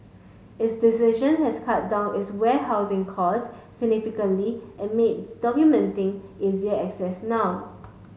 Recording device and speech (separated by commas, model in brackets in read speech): mobile phone (Samsung S8), read sentence